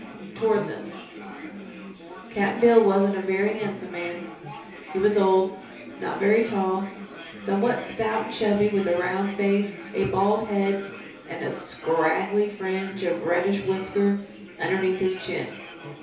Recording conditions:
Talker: one person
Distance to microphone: 3.0 m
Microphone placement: far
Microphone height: 1.8 m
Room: small (3.7 m by 2.7 m)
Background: babble

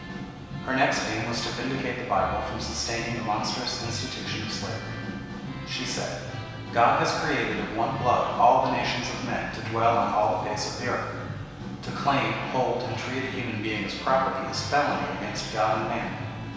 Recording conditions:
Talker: one person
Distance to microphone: 1.7 m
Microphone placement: close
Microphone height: 1.0 m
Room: very reverberant, large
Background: music

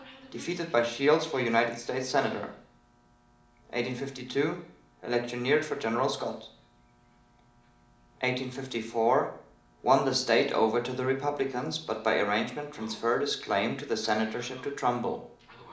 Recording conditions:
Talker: one person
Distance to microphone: 2.0 m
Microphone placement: close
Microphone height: 99 cm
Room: medium-sized (5.7 m by 4.0 m)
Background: television

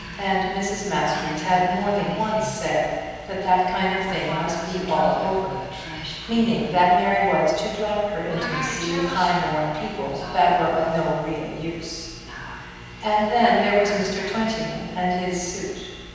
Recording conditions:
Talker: one person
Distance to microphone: 7.1 m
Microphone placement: far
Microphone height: 1.7 m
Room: very reverberant, large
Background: television

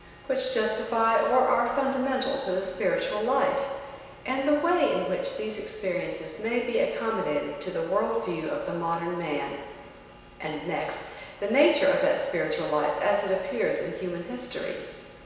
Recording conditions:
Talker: one person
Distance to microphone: 1.7 m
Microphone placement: close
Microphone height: 1.0 m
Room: very reverberant, large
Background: none

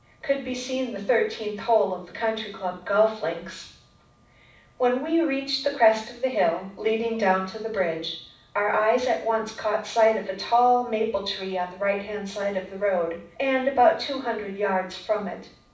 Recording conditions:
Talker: one person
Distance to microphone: 5.8 m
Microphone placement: far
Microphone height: 1.8 m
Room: medium-sized (5.7 m by 4.0 m)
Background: none

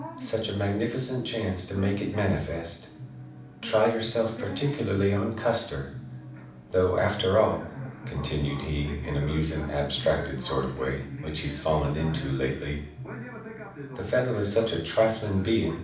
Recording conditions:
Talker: one person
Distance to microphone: 5.8 m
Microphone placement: far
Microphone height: 1.8 m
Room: medium-sized (5.7 m by 4.0 m)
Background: television

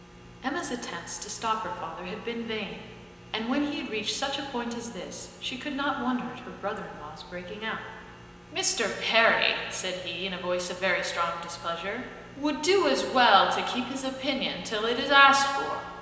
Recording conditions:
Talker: one person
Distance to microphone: 1.7 m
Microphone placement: close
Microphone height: 1.0 m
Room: very reverberant, large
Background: none

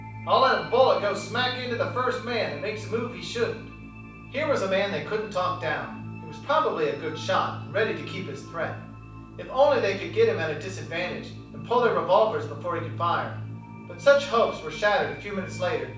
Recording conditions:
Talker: one person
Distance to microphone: 5.8 m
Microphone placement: far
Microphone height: 1.8 m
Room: medium-sized (5.7 m by 4.0 m)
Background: music

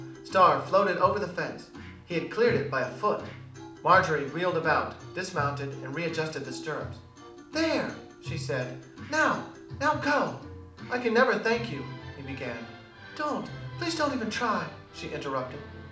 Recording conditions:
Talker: one person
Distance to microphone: 2.0 m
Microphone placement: close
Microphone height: 99 cm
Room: medium-sized (5.7 m by 4.0 m)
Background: music

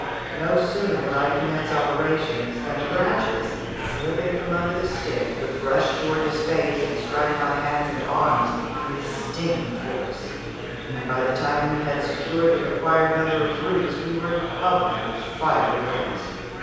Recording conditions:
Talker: one person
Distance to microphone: 7.1 m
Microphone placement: far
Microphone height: 1.7 m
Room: very reverberant, large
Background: babble

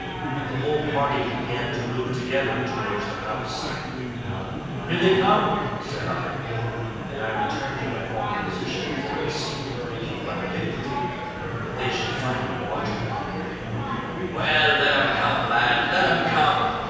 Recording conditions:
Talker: one person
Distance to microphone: 7.1 m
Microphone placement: far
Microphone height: 1.7 m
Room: very reverberant, large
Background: babble

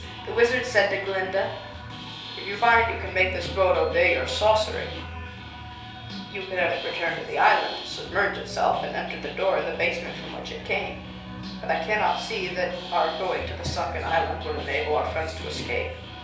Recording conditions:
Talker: one person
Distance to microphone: 3.0 m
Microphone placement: far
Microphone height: 1.8 m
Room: small (3.7 m by 2.7 m)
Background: music

